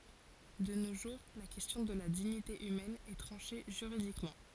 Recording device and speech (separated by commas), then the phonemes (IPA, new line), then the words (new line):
forehead accelerometer, read sentence
də no ʒuʁ la kɛstjɔ̃ də la diɲite ymɛn ɛ tʁɑ̃ʃe ʒyʁidikmɑ̃
De nos jours la question de la dignité humaine est tranchée juridiquement.